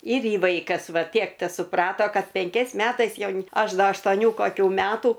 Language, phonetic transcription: Lithuanian, ir ˈji ˈvaikas ˈva ˈtiek tesuˈprato ˈkad penˈkiais ˈmetais ˈjaun ˈaš ˈda aštoˈnių koˈkių ˈmetų

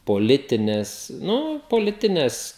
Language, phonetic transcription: Lithuanian, poˈlitinės ˈnu poˈlitinės

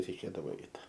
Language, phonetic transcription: Lithuanian, reiˈkėdavo ˈeit

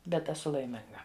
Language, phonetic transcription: Lithuanian, ˈbet eˈsu laiˈminga

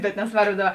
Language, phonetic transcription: Lithuanian, bet nesˈvarbo ˈdaˌba

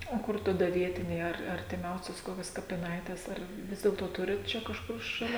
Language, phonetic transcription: Lithuanian, o ˈkur taˈda ˈvietiniai ar artiˈmiausios ˈkokios kapiˈnaitės ˈar ˈvis dėlto ˈturit ˈčia kažˈkur šaˈlia

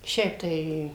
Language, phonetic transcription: Lithuanian, ˈšiaip tai

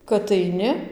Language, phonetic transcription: Lithuanian, kad aiˈni

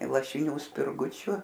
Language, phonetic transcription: Lithuanian, lašiˈnių spirˈgučiu

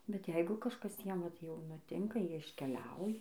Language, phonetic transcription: Lithuanian, bet ˈjeigu kažˈkas ˈjiem vat jau nuˈtinka ˈjie iškeˈliauja

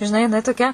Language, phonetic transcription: Lithuanian, žiˈnai jiˈnai toˈkia

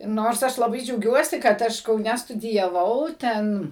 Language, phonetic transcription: Lithuanian, ˈnors ˈaš laˈbai džiauˈgiuosi kad ˈaš kauˈne studijaˈvau ˈten

